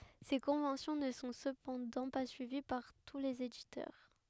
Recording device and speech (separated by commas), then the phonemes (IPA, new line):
headset microphone, read sentence
se kɔ̃vɑ̃sjɔ̃ nə sɔ̃ səpɑ̃dɑ̃ pa syivi paʁ tu lez editœʁ